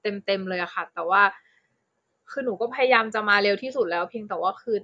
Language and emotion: Thai, frustrated